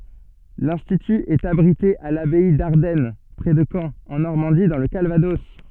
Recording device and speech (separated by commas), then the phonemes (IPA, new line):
soft in-ear microphone, read sentence
lɛ̃stity ɛt abʁite a labɛi daʁdɛn pʁɛ də kɑ̃ ɑ̃ nɔʁmɑ̃di dɑ̃ lə kalvadɔs